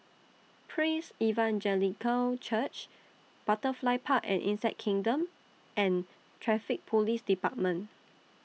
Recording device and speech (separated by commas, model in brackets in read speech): mobile phone (iPhone 6), read sentence